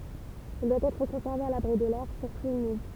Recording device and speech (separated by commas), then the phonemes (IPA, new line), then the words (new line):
temple vibration pickup, read sentence
il dwa ɛtʁ kɔ̃sɛʁve a labʁi də lɛʁ syʁtu ymid
Il doit être conservé à l'abri de l'air, surtout humide.